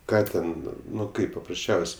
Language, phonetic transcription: Lithuanian, ˈką ten ˈnu ˈkaip paprasˈčiaus'

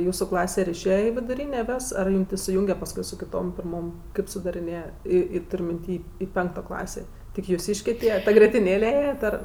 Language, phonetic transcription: Lithuanian, ˈjūsu ˈklase ir išˈėja i viduˈrynė ˈvės ar ˈjūm ten suˈjūnge pasˈkui su kiˈtom pirˈmom ˈkaip sudariˈnėja ˈį ˈį ˈtur' minˈty i ˈpenkto ˈklasė tik juˈsyškė ˈtie ˈta grietiˈnėle ˈėjat ar

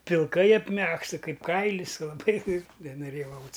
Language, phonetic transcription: Lithuanian, pilˈkai apˈmegzta ˈkaip ˈkailis laˈbai nenoˈrėjau ˈaut's'

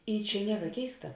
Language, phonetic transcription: Lithuanian, ˈy ˈčia ˈnieka ˈkeista

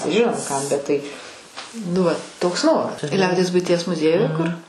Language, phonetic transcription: Lithuanian, ˈžinom ˈkam bet tai nu ˈvat ˈtoks ˈnoras ˈliaudies buiˈties muˈziejuje kur

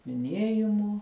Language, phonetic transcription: Lithuanian, miˈniejimų

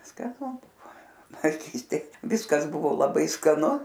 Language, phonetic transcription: Lithuanian, skaˈnu ˈbuvo vaiˈkystėj ˈvyskas ˈbuvo laˈbai skaˈnu

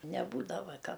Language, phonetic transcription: Lithuanian, neˈbūdava ˈka

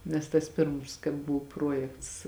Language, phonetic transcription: Lithuanian, nes tas ˈpirms kai ˈbuv ˈpruojekts

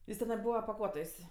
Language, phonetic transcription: Lithuanian, ˈjis teˈnai ˈbūva paˈkuotojs'

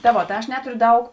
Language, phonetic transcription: Lithuanian, ta ˈvo ta ˈaš ˈneturiu ˈdaug

